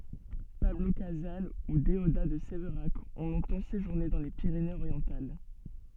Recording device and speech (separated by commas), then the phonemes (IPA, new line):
soft in-ear microphone, read sentence
pablo kazal u deoda də sevʁak ɔ̃ lɔ̃tɑ̃ seʒuʁne dɑ̃ le piʁenez oʁjɑ̃tal